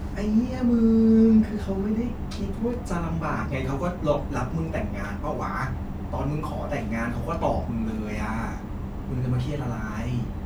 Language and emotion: Thai, frustrated